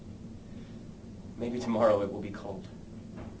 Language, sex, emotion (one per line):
English
male
neutral